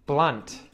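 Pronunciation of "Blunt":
In 'Blunt', the final t is pronounced, not muted.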